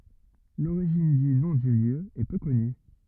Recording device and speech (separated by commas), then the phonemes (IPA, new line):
rigid in-ear microphone, read sentence
loʁiʒin dy nɔ̃ dy ljø ɛ pø kɔny